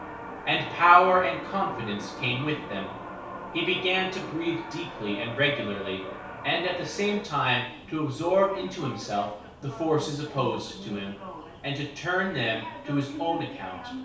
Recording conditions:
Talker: one person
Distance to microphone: 3.0 m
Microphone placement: far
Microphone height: 1.8 m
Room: small (3.7 m by 2.7 m)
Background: television

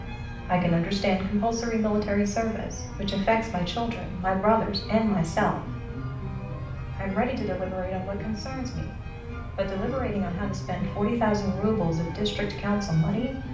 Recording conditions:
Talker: one person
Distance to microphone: 5.8 m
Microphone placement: far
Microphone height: 1.8 m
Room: medium-sized (5.7 m by 4.0 m)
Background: music

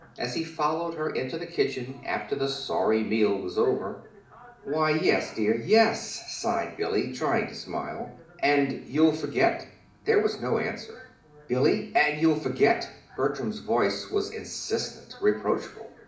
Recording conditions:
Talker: one person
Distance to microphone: 2.0 m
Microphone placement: close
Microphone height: 99 cm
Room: medium-sized (5.7 m by 4.0 m)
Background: television

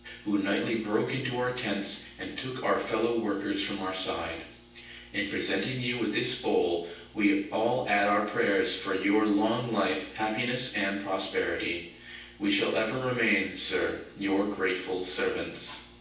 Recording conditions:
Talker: one person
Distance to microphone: 9.8 m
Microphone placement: far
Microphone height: 1.8 m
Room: large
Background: none

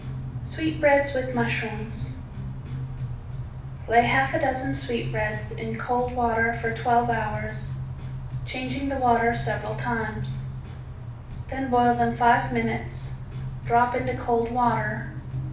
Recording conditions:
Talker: one person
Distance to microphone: 5.8 m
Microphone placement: far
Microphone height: 1.8 m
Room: medium-sized (5.7 m by 4.0 m)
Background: music

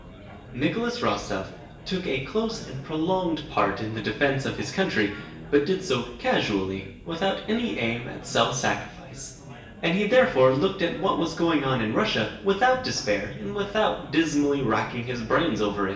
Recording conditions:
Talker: one person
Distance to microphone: 1.8 m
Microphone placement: close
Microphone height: 1.0 m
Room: large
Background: babble

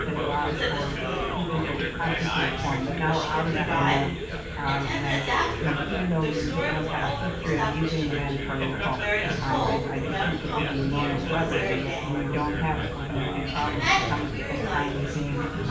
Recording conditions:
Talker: one person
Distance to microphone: 9.8 m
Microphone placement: far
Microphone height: 1.8 m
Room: large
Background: babble

